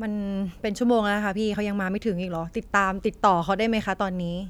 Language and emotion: Thai, frustrated